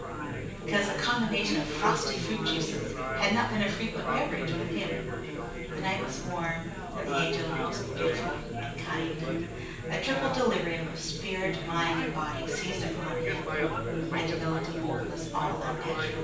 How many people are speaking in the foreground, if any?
One person.